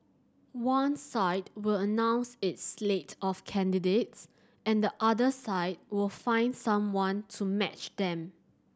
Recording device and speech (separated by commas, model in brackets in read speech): standing microphone (AKG C214), read sentence